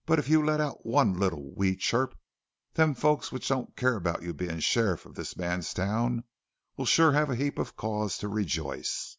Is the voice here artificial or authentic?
authentic